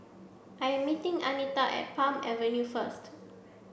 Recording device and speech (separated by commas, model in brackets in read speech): boundary microphone (BM630), read sentence